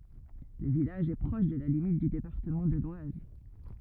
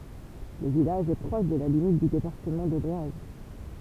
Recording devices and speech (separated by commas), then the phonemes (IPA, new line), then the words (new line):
rigid in-ear microphone, temple vibration pickup, read sentence
lə vilaʒ ɛ pʁɔʃ də la limit dy depaʁtəmɑ̃ də lwaz
Le village est proche de la limite du département de l'Oise.